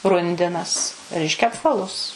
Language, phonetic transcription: Lithuanian, ˈrundinas ˈreiškia apˈvalus

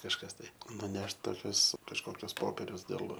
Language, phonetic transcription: Lithuanian, kažˈkas tai nuˈnešt toˈkius kažˈkokius ˈpoperius dėl

